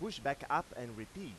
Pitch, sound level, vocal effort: 140 Hz, 95 dB SPL, loud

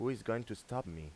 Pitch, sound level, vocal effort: 115 Hz, 86 dB SPL, normal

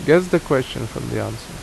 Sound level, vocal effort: 81 dB SPL, normal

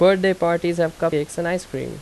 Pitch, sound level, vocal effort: 170 Hz, 87 dB SPL, loud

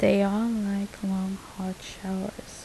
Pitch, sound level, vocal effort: 200 Hz, 76 dB SPL, soft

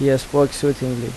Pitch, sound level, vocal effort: 135 Hz, 81 dB SPL, normal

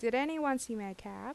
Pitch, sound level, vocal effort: 240 Hz, 84 dB SPL, normal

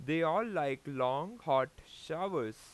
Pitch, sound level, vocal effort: 135 Hz, 93 dB SPL, very loud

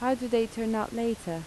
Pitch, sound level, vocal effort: 225 Hz, 81 dB SPL, soft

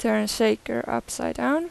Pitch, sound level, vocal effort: 225 Hz, 86 dB SPL, normal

